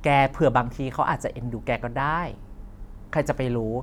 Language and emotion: Thai, neutral